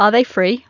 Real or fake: real